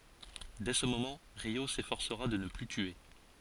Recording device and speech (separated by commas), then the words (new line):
forehead accelerometer, read sentence
Dès ce moment, Ryô s'efforcera de ne plus tuer.